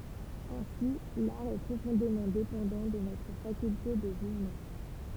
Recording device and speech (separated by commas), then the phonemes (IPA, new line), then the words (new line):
temple vibration pickup, read sentence
ɛ̃si laʁ ɛ pʁofɔ̃demɑ̃ depɑ̃dɑ̃ də notʁ fakylte də ʒyʒmɑ̃
Ainsi, l'art est profondément dépendant de notre faculté de jugement.